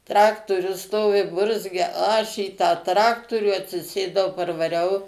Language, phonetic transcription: Lithuanian, ˈtraktorius ˈstovi ˈburzgia ˈaš į tą ˈtraktorių atsiˈsėdau parvaˈriau

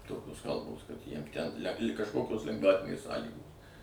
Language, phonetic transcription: Lithuanian, ˈtokios ˈkalbos kad jiem ten le kažˈkokios lengˈvatinės ˈsąlygos

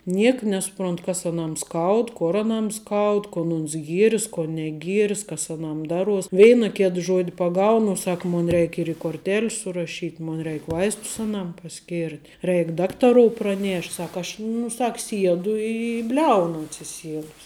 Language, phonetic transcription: Lithuanian, ˈnieka nesuˈprontu kas aˈnam ˈskaud ˈkor aˈnam ˈskaud kon ˈons ˈgieris ko neˈgieris kas aˈnam ˈdaˌruos ˈveina ˈkėt ˈžuodi paˈgaunu u ˈsak ˈmon ˈreik' ir i korˈtėl's suraˈšyt' ˈmon ˈreik ˈvaistus aˈnam paˈskirt' ˈreik ˈdaktarou praˈnėšt' ˈsak ˈaš nu ˈsak ˈsiedu i i ˈbliaunu atsiˈsiedus

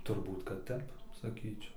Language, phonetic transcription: Lithuanian, turˈbūt kad ˈtep saˈkyčiau

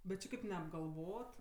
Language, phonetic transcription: Lithuanian, bet ˈči kaip neapgalˈvot

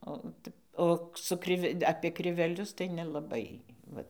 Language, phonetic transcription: Lithuanian, o ˈtep ˈo su ˈkrive apie kriveˈlius tai nelaˈbai ˈvat

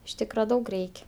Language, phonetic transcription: Lithuanian, iš ˈtykra ˈdaug ˈreik'

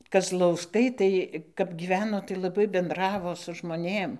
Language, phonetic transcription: Lithuanian, kazlausˈkai tai kap ˈgyveno tai laˈbai benˈdravo su žmoˈnėm

